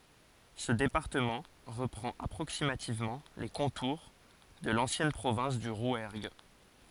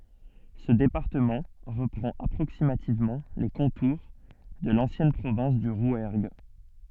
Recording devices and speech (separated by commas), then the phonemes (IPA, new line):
forehead accelerometer, soft in-ear microphone, read sentence
sə depaʁtəmɑ̃ ʁəpʁɑ̃t apʁoksimativmɑ̃ le kɔ̃tuʁ də lɑ̃sjɛn pʁovɛ̃s dy ʁwɛʁɡ